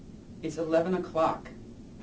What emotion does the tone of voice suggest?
neutral